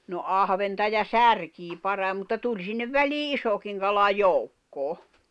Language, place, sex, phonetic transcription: Finnish, Jämsä, female, no 'ahventa ja "särkii 'parai̬m mutta 'tuĺ sinnev "välii "isokiŋ kala "jòukkoo .
- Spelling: no ahventa ja särkeä parhain mutta tuli sinne väliin isokin kala joukkoon

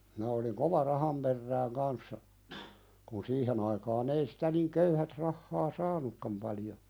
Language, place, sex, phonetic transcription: Finnish, Pälkäne, male, minä oliŋ "kova 'raham perrääŋ kanssa , kun 'siihen ‿aikaan ‿ei sitä niŋ 'köyhät rahhaa "saanukkam paljo .
- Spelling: minä olin kova rahan perään kanssa kun siihen aikaan ei sitä niin köyhät rahaa saanutkaan paljon

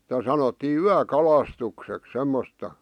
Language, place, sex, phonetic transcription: Finnish, Vihti, male, [Si]tä sanottii "yä'kalastuksek 'semmosta .
- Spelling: sitä sanottiin yökalastukseksi semmoista

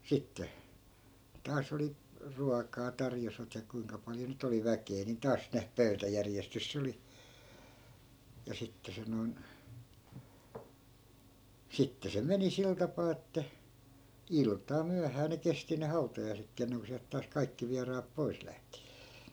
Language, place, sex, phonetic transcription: Finnish, Askola, male, 'sitte , taa's ‿oli , 'ruakaa tarjosvat ja 'kuiŋka paljo ny't ‿oli "väkee ni 'taas 'ne , "pöy̬täjärjestys 'sᵉ oli , ja 'sitte se noi̮n , 'sitte se 'meni "sil tapaa että , 'ilt̀aa 'myähää ne 'kesti ne "hautajai̮sekkii enneŋko siält taas 'kaikki viaraap "pois lähtI .
- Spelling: sitten taas oli ruokaa tarjosivat ja kuinka paljon nyt oli väkeä niin taas ne pöytäjärjestys se oli ja sitten se noin sitten se meni sillä tapaa että iltaan myöhään ne kesti ne hautajaisetkin ennen kuin sieltä taas kaikki vieraat pois lähti

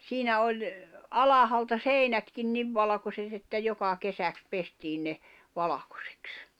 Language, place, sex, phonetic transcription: Finnish, Jämsä, female, 'siinä oĺ , "alahalta "sèinätkin 'niv valᵃkoset ‿että 'joka 'kesäks 'pestiin ne , 'valakᴏsᴇks .
- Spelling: siinä oli alhaalta seinätkin niin valkoiset että joka kesäksi pestiin ne valkoiseksi

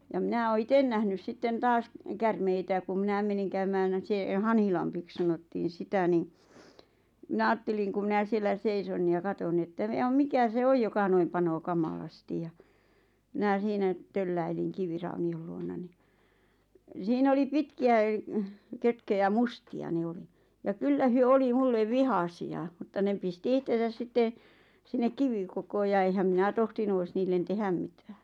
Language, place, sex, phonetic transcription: Finnish, Lappajärvi, female, ja 'mⁱnä oo "iten nähnys 'sitten "taas , 'kärmeitä ku 'minäm meniŋ käymään ʿⁿᵃ̈ˉʾ se 'Hanhilampik sanottiin̬ 'sitä ni , 'mⁱnä aatteliŋ ku 'mⁱnä siellä 'seison ja 'katon ni että jaᵐ 'mikä se "oj joka 'noim panoo "kamalastij ja , 'mⁱnä̀ 'siinä₍ 'tölläiliŋ 'kivirauni₍ol luona ni , "siin ‿oli 'pitki₍ä , 'kötköjä "musti₍a 'ne oli , ja "kyllä 'hyö 'oli 'mulle "vihasi₍a 'mᵘtta ne 'pisti "ihtesäs 'sitte , 'sinnek 'kivikokoo ja eⁱhäm 'minä tohtinu ois 'niillen "tehäm mitᴀ̈ᴀ̈ɴ .
- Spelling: ja minä olen itse nähnyt sitten taas käärmeitä kun minä menin käymään - se Hanhilammeksi sanottiin sitä niin minä ajattelin kun minä siellä seison ja katson niin että ja mikä se on joka noin panee kamalasti ja minä siinä tölläilin kiviraunion luona niin siinä oli pitkiä kötköjä mustia ne oli ja kyllä he oli minulle vihaisia mutta ne pisti itseään sitten sinne kivikkoon ja enhän minä tohtinut olisi niille tehdä mitään

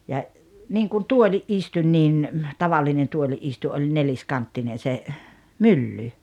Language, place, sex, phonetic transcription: Finnish, Rautalampi, female, ja , 'niiŋkun "tuoĺi’ ’istuń niin , 'tavallinen 'tuoli’ ’istu ’oĺ 'neĺiskanttinen̬ se , "mylly .
- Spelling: ja niin kuin tuolin istuin niin tavallinen tuolin istuin oli neliskanttinen se mylly

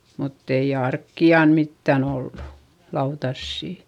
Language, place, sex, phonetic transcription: Finnish, Eurajoki, female, mutt ‿ei arkki₍an mittän ‿ollu , lautassì .
- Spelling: mutta ei arkia mitään ollut lautasia

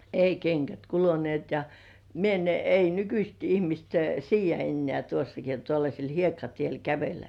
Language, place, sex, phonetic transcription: Finnish, Kurkijoki, female, ei 'keŋkät "kulunĭ§èt ja , mie en , ei 'nykyst ihmist "siij̆jä ennĕä̀ tuossaki on tuollaśel "hiekkatiel 'kävellä .
- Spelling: ei kengät kuluneet ja minä en ei nykyiset ihmiset siedä enää tuossakin on tuollaisella hiekkatiellä kävellä

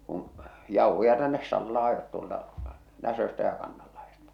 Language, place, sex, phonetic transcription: Finnish, Salla, male, kuṵ , 'jauhoja tännes 'Sallaa ajot tuolta , 'Näsöstä ja 'Kannallahestᴀ .
- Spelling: kun jauhoja tänne Sallaan ajoivat tuolta Näsöstä ja Kannanlahdesta

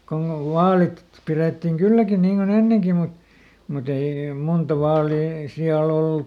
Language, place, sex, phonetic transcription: Finnish, Lieto, male, konn ‿ov "vaalit , ˈpirèttiŋ ˈkylläkin niiŋ koˈn ‿enneŋki mut , muˈt ‿ei , ˈmunta ˈvaalii --- .
- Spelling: kun on vaalit pidettiin kylläkin niin kuin ennenkin mutta mutta ei monta vaalia -

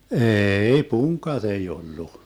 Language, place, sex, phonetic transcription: Finnish, Vermlanti, male, 'ee₍'i "puŋk̆kat ‿ei 'ollu .
- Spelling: ei punkat ei ollut

